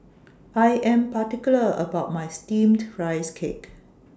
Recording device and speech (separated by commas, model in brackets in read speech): standing microphone (AKG C214), read sentence